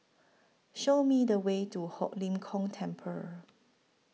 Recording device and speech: mobile phone (iPhone 6), read sentence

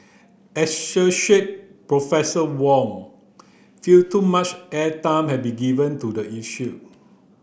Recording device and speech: boundary microphone (BM630), read sentence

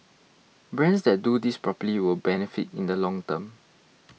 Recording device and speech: mobile phone (iPhone 6), read sentence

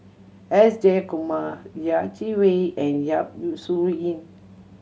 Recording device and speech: mobile phone (Samsung C7100), read sentence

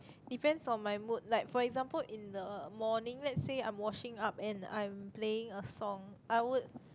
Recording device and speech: close-talking microphone, conversation in the same room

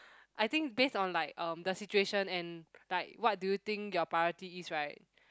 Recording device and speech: close-talking microphone, conversation in the same room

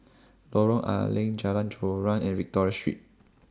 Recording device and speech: standing microphone (AKG C214), read sentence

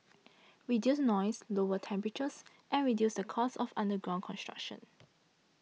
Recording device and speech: mobile phone (iPhone 6), read sentence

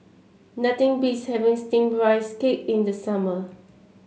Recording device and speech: mobile phone (Samsung C7), read sentence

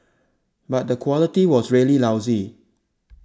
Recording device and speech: standing microphone (AKG C214), read sentence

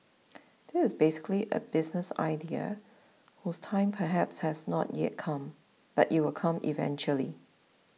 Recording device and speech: mobile phone (iPhone 6), read sentence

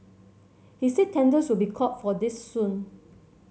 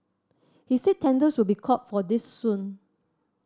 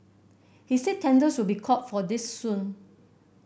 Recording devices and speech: mobile phone (Samsung C7100), standing microphone (AKG C214), boundary microphone (BM630), read sentence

